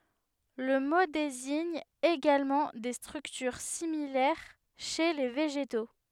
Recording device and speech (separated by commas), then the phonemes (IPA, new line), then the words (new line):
headset microphone, read sentence
lə mo deziɲ eɡalmɑ̃ de stʁyktyʁ similɛʁ ʃe le veʒeto
Le mot désigne également des structures similaires chez les végétaux.